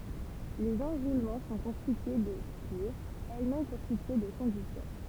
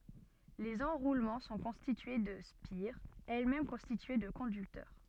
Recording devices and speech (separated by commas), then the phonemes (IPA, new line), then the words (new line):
temple vibration pickup, soft in-ear microphone, read sentence
lez ɑ̃ʁulmɑ̃ sɔ̃ kɔ̃stitye də spiʁz ɛlɛsmɛm kɔ̃stitye də kɔ̃dyktœʁ
Les enroulements sont constitués de spires, elles-mêmes constituées de conducteurs.